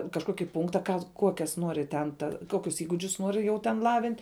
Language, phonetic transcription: Lithuanian, kažˈkoki ˈpunkta ˈką ˈkuokias ˈnuori ten ˈta ˈkokius įguˈdžius ˈnuori jau ten ˈlavint'

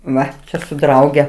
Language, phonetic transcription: Lithuanian, ˈva ˈčia su ˈdrauge

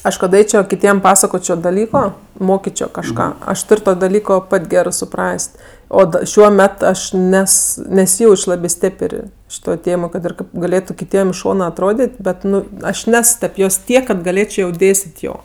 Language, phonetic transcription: Lithuanian, ˈaš kad ˈaičio kiˈtiem ˈpasakočio daˈlyko ˈmokičio kažˈką aš ˈtur' ˈto daˈlyko ˈpat' ˈgerɜ suˈpras't' ˈo ˈšiuo ˈmet ˈaš ˈnes neˈsyˈjauč' ˈlabė ˈstėpər' ˈšitoj ˈtėmoj kad ir ˈkaip gaˈlėtu kiˈtiem iš ˈšona atˈrodėt' ˈbet ˈnu ˈaš ˈnes tep ˈjos ˈtiek kad gaˈlėčio jau ˈdėstėt' ˈjo

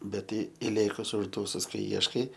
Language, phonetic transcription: Lithuanian, bet ˈtai iˈlėkus užˈdūsus kai ˈieškai

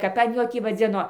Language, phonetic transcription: Lithuanian, ˈkap an ˈjo ˈtį vaˈdzino

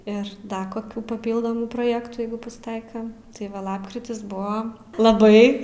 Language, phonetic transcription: Lithuanian, ir ˈda koˈkių paˈpyldomų proˈjektų ˈjeigu pasˈtaika tai ˈva ˈlapkritis ˈbua laˈbai

